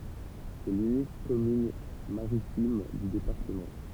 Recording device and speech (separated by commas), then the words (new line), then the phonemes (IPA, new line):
temple vibration pickup, read sentence
C'est l'unique commune maritime du département.
sɛ lynik kɔmyn maʁitim dy depaʁtəmɑ̃